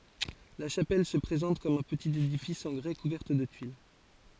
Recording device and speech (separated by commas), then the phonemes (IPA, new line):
forehead accelerometer, read sentence
la ʃapɛl sə pʁezɑ̃t kɔm œ̃ pətit edifis ɑ̃ ɡʁɛ kuvɛʁt də tyil